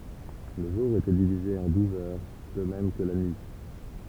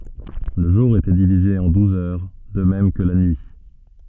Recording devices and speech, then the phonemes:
temple vibration pickup, soft in-ear microphone, read sentence
lə ʒuʁ etɛ divize ɑ̃ duz œʁ də mɛm kə la nyi

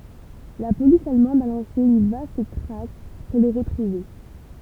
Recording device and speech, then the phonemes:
temple vibration pickup, read sentence
la polis almɑ̃d a lɑ̃se yn vast tʁak puʁ lə ʁətʁuve

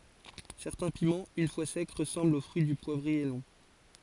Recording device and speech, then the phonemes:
forehead accelerometer, read sentence
sɛʁtɛ̃ pimɑ̃z yn fwa sɛk ʁəsɑ̃blt o fʁyi dy pwavʁie lɔ̃

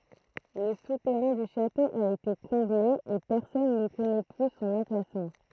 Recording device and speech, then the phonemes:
throat microphone, read sentence
lə sutɛʁɛ̃ dy ʃato a ete kɔ̃ble e pɛʁsɔn nə kɔnɛ ply sɔ̃n ɑ̃plasmɑ̃

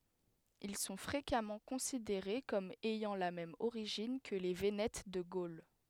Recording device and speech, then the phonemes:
headset microphone, read sentence
il sɔ̃ fʁekamɑ̃ kɔ̃sideʁe kɔm ɛjɑ̃ la mɛm oʁiʒin kə le venɛt də ɡol

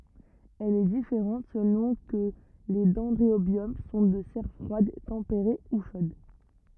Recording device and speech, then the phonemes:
rigid in-ear microphone, read sentence
ɛl ɛ difeʁɑ̃t səlɔ̃ kə le dɛ̃dʁobjɔm sɔ̃ də sɛʁ fʁwad tɑ̃peʁe u ʃod

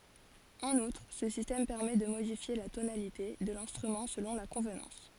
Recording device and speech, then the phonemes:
forehead accelerometer, read sentence
ɑ̃n utʁ sə sistɛm pɛʁmɛ də modifje la tonalite də lɛ̃stʁymɑ̃ səlɔ̃ la kɔ̃vnɑ̃s

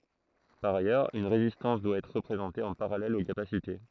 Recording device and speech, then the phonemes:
throat microphone, read sentence
paʁ ajœʁz yn ʁezistɑ̃s dwa ɛtʁ ʁəpʁezɑ̃te ɑ̃ paʁalɛl o kapasite

